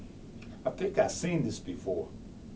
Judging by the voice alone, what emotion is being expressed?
neutral